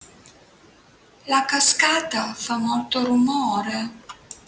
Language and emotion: Italian, sad